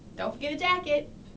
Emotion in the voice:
happy